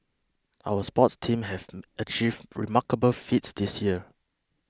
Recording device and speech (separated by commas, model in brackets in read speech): close-talking microphone (WH20), read sentence